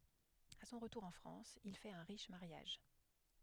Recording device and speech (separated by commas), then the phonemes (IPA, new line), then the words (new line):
headset microphone, read sentence
a sɔ̃ ʁətuʁ ɑ̃ fʁɑ̃s il fɛt œ̃ ʁiʃ maʁjaʒ
À son retour en France, il fait un riche mariage.